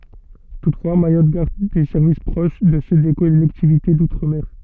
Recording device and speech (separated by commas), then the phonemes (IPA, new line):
soft in-ear microphone, read sentence
tutfwa majɔt ɡaʁd de sɛʁvis pʁoʃ də sø de kɔlɛktivite dutʁ mɛʁ